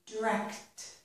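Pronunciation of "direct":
In 'direct', the t at the end can be heard.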